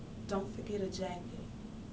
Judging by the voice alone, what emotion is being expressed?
neutral